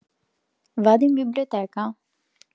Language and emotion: Italian, neutral